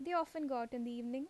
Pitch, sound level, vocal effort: 260 Hz, 83 dB SPL, normal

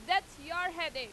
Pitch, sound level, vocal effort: 340 Hz, 100 dB SPL, very loud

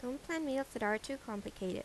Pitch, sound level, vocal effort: 250 Hz, 81 dB SPL, normal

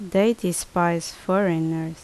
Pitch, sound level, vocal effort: 175 Hz, 78 dB SPL, normal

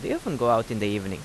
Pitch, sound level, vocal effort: 105 Hz, 86 dB SPL, normal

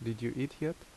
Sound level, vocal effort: 75 dB SPL, normal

